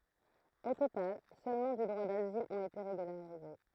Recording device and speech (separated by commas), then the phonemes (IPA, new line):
throat microphone, read sentence
o total sølmɑ̃ dy dʁwa dazil ɔ̃t ete ʁeɡylaʁize